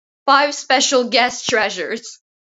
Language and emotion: English, sad